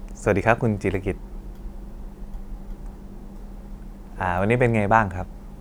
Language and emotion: Thai, neutral